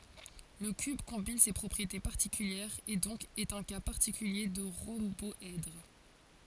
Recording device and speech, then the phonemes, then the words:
forehead accelerometer, read sentence
lə kyb kɔ̃bin se pʁɔpʁiete paʁtikyljɛʁz e dɔ̃k ɛt œ̃ ka paʁtikylje də ʁɔ̃bɔɛdʁ
Le cube combine ces propriétés particulières, et donc est un cas particulier de rhomboèdre.

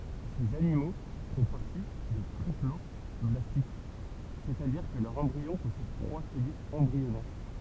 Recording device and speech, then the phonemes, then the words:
temple vibration pickup, read sentence
sez animo fɔ̃ paʁti de tʁiplɔblastik sɛstadiʁ kə lœʁ ɑ̃bʁiɔ̃ pɔsɛd tʁwa fœjɛz ɑ̃bʁiɔnɛʁ
Ces animaux font partie des triploblastiques, c'est-à-dire que leur embryon possède trois feuillets embryonnaires.

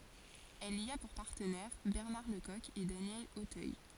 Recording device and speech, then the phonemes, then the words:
forehead accelerometer, read sentence
ɛl i a puʁ paʁtənɛʁ bɛʁnaʁ lə kɔk e danjɛl otœj
Elle y a pour partenaires Bernard Le Coq et Daniel Auteuil.

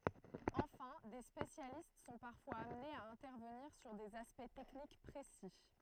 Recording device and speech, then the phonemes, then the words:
throat microphone, read sentence
ɑ̃fɛ̃ de spesjalist sɔ̃ paʁfwaz amnez a ɛ̃tɛʁvəniʁ syʁ dez aspɛkt tɛknik pʁesi
Enfin, des spécialistes sont parfois amenés à intervenir sur des aspects techniques précis.

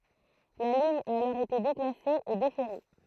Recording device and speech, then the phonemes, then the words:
throat microphone, read sentence
la liɲ a alɔʁ ete deklase e defɛʁe
La ligne a alors été déclassée et déferrée.

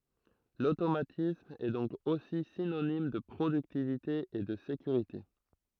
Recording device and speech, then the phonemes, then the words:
throat microphone, read sentence
lotomatism ɛ dɔ̃k osi sinonim də pʁodyktivite e də sekyʁite
L'automatisme est donc aussi synonyme de productivité et de sécurité.

